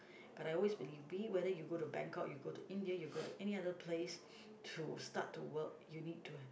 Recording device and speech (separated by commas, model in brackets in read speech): boundary microphone, conversation in the same room